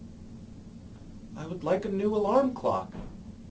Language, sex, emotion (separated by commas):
English, male, neutral